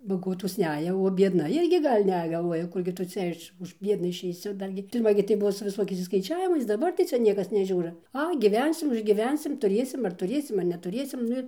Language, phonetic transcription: Lithuanian, baˈgotos ˈneja o biedˈna ˈirgi ˈgal' ˈne galˈvuoja ˈkurgi tu ˈcia iš už ˈbiedna išeiˈsi ˈdar gi pirˈma gi tai ˈbuvo su viˈsokiais išskaiˈčiavimais daˈbar tai ˈcia ˈniekas neˈžiūra ˈai gyˈvensim užgyˈvensim tuˈrėsim aar tuˈrėsim ar netuˈrėsim ˈnu ir

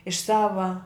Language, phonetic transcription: Lithuanian, iš ˈsava

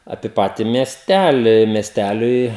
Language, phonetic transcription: Lithuanian, apie ˈpati miesˈtæli miesˈtæliui

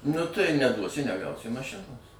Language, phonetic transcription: Lithuanian, nu tai neˈduosi neˈgausi maˈšinos

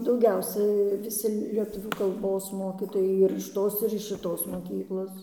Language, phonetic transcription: Lithuanian, dauˈgiausiai viˈsi lieˈtuvių kalˈbos ˈmokytojai ir iš ˈtos ir iš šiˈtos moˈkyklos

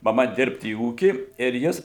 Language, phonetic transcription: Lithuanian, maˈma ˈdirbt į ˈūkį ir ˈjis

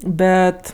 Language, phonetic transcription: Lithuanian, ˈbet

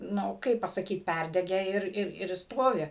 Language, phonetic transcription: Lithuanian, ˈnu ˈkaip pasaˈkyt ˈpærdege ir ir ir ˈstovi

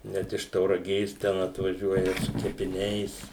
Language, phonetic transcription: Lithuanian, ˈnet iš tauraˈgės ten atvaˈžiuoja su kepiˈniais

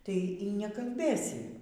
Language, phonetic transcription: Lithuanian, tai y nekalˈbėsi

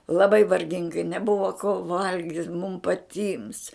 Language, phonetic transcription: Lithuanian, laˈbai varˈgingai neˈbuvo ko ˈvalgit mum paˈtyms

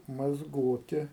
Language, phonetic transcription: Lithuanian, mazˈgoti

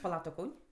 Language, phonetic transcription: Lithuanian, paˈla ˈtu ˈkaun'

